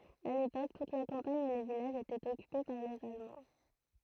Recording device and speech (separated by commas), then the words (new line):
throat microphone, read sentence
À l'époque, toute la campagne et les villages étaient occupés par les Allemands.